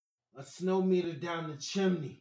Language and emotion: English, angry